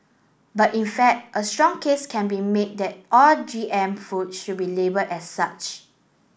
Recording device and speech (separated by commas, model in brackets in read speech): boundary microphone (BM630), read sentence